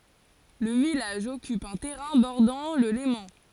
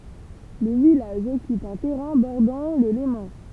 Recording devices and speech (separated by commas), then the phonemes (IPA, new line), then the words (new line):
forehead accelerometer, temple vibration pickup, read sentence
lə vilaʒ ɔkyp œ̃ tɛʁɛ̃ bɔʁdɑ̃ lə lemɑ̃
Le village occupe un terrain bordant le Léman.